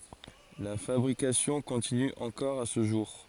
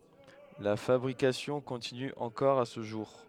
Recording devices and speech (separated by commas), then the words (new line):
forehead accelerometer, headset microphone, read sentence
La fabrication continue encore à ce jour.